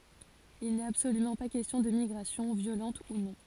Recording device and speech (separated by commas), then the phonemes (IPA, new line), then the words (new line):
forehead accelerometer, read sentence
il nɛt absolymɑ̃ pa kɛstjɔ̃ də miɡʁasjɔ̃ vjolɑ̃t u nɔ̃
Il n'est absolument pas question de migration, violente ou non.